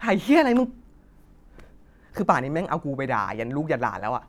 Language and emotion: Thai, angry